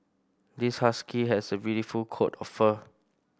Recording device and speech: boundary microphone (BM630), read sentence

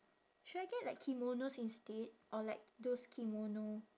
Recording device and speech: standing microphone, conversation in separate rooms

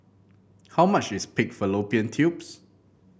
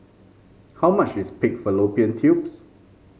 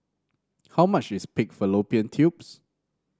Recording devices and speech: boundary microphone (BM630), mobile phone (Samsung C5), standing microphone (AKG C214), read sentence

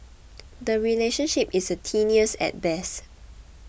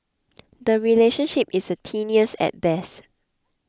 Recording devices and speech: boundary microphone (BM630), close-talking microphone (WH20), read sentence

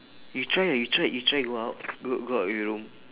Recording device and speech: telephone, conversation in separate rooms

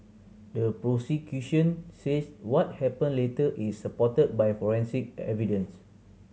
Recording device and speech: mobile phone (Samsung C7100), read sentence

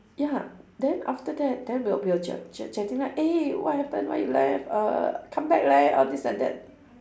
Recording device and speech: standing microphone, conversation in separate rooms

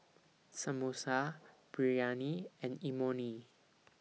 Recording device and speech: mobile phone (iPhone 6), read sentence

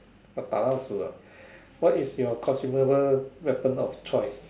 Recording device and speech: standing microphone, conversation in separate rooms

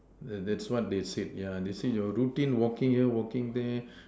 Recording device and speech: standing microphone, conversation in separate rooms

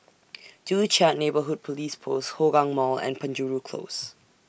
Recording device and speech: boundary microphone (BM630), read sentence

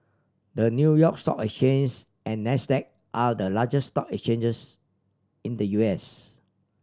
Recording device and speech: standing microphone (AKG C214), read sentence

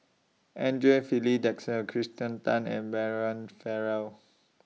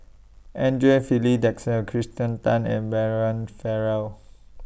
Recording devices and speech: mobile phone (iPhone 6), boundary microphone (BM630), read sentence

